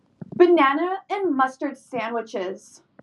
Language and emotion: English, angry